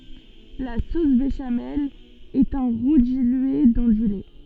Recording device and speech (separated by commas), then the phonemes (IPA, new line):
soft in-ear microphone, read sentence
la sos beʃamɛl ɛt œ̃ ʁu dilye dɑ̃ dy lɛ